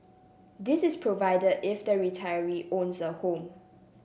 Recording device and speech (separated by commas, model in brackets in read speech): boundary microphone (BM630), read sentence